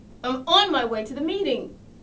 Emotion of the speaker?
angry